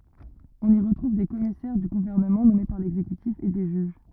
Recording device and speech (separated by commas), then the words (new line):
rigid in-ear microphone, read sentence
On y retrouve des commissaires du gouvernement nommés par l'exécutif et des juges.